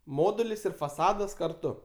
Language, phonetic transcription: Lithuanian, ˈmodulis ir faˈsadas karˈtu

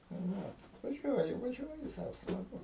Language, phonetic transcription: Lithuanian, tai ˈvat vaˈžiuoji vaˈžiuoji ˈsau smaˈgu

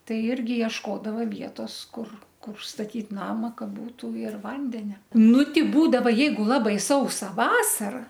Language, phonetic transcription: Lithuanian, ˈtai ˈirgi iešˈkodava ˈvietos ˈkur ˈkur staˈtyt ˈnama ˈka ˈbūtu ir ˈvandenia ˈnu ˈti ˈbūdava ˈjeigu ˈlabai ˈsausa ˈvasara

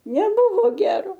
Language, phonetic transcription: Lithuanian, neˈbuvo ˈgero

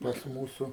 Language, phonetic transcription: Lithuanian, pas ˈmūsu

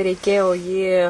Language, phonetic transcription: Lithuanian, reiˈkėjo jį

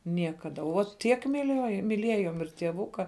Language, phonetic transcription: Lithuanian, ˈniekada uo ˈtiek miˈliuoju miˈliejom ir tieˈvuka

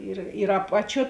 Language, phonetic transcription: Lithuanian, ir ir ˈapaˌčiuo

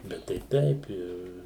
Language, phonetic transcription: Lithuanian, ˈbet tai ˈteip ir

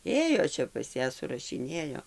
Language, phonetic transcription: Lithuanian, ˈėjo ˈčia pas ˈją surašiˈnėjo

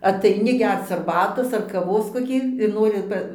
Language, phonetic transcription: Lithuanian, ataiˈni ˈgerc arˈbatos ar kaˈvos koˈkį ir ˈnori ˈpa

